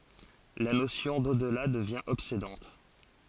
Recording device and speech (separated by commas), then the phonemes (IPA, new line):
forehead accelerometer, read sentence
la nosjɔ̃ dodla dəvjɛ̃ ɔbsedɑ̃t